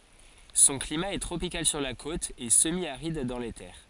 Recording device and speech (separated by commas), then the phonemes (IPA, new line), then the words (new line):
forehead accelerometer, read sentence
sɔ̃ klima ɛ tʁopikal syʁ la kot e səmjaʁid dɑ̃ le tɛʁ
Son climat est tropical sur la côte, et semi-aride dans les terres.